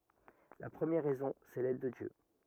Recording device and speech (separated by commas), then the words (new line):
rigid in-ear microphone, read sentence
La première raison, c'est l'aide de Dieu.